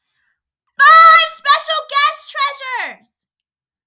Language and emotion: English, happy